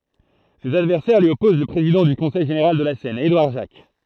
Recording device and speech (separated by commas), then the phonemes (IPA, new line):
throat microphone, read sentence
sez advɛʁsɛʁ lyi ɔpoz lə pʁezidɑ̃ dy kɔ̃sɛj ʒeneʁal də la sɛn edwaʁ ʒak